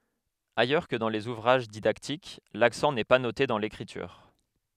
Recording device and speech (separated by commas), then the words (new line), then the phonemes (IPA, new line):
headset microphone, read sentence
Ailleurs que dans les ouvrages didactiques, l'accent n'est pas noté dans l'écriture.
ajœʁ kə dɑ̃ lez uvʁaʒ didaktik laksɑ̃ nɛ pa note dɑ̃ lekʁityʁ